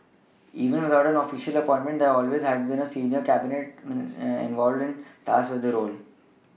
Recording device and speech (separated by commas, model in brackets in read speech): mobile phone (iPhone 6), read sentence